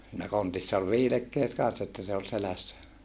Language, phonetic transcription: Finnish, siinä kontissa ol viilekkeet kanssa että se ol selässä .
- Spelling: siinä kontissa oli viilekkeet kanssa että se oli selässä

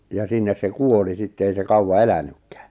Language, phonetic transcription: Finnish, ja 'sinnes se "kuoli sitte 'ei se "kauwa "elänykkᴀ̈ᴀ̈ .
- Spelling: ja sinne se kuoli sitten ei se kauan elänytkään

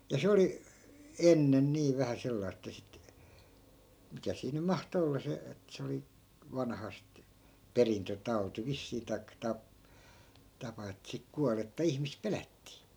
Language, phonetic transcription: Finnish, ja 'se oli , "ennen 'nii 'vähä sellais ‿ᵉttä sit , 'mikä sii nym̆ "mahto 'olla se et se oli , 'vanhast , "perintötau̬ti 'vissii taik 'tap- , 'tapa ett(ᵃ̈) sik 'kualetta 'ihmis 'pelättii .
- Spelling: ja se oli ennen niin vähän sellaista että sitten mikä siinä nyt mahtoi olla se että se oli vanhastaan perintötauti vissiin tai - tapa että sitten kuollutta ihmistä pelättiin

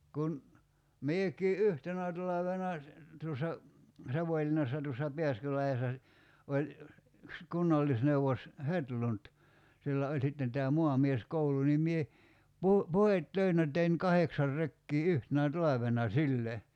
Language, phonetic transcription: Finnish, 'kun , 'miek̀ii "’yhtenä talavena , 'tuossa , 'Savoⁱlinnassa tuossa 'Pḙäskylahessa si- , 'oĺ , yks 'kunnallisneuvos , "Hetlunt , 'sillä oĺ 'sitten tää "muamies'koulu nim mie , 'pu- , "puhet'töinä tein "kaheksar 'rekkii "yhtenä "talavena "sille .
- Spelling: kun minäkin yhtenä talvena tuossa Savonlinnassa tuossa Pääskylahdessa - oli yksi kunnallisneuvos Hedlund sillä oli sitten tämä maamieskoulu niin minä - puhdetöinä tein kahdeksan rekeä yhtenä talvena sille

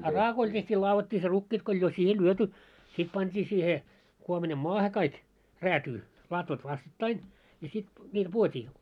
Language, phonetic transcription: Finnish, a 'raakoil teht́ii 'laavottii se 'rukkiit ko oĺ jo 'siihe "lyöty , 'sit 'pant́ii siihe , 'kuomina"moahe kaik , 'räätyy , latvat 'vastattain , ja sit , ńiil 'puit́ii .
- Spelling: a raakoilla tehtiin ladottiin se rukiit kun oli jo siihen lyöty sitten pantiin siihen kuominamaahan kaikki räätyyn latvat vastakkain ja sitten niillä puitiin

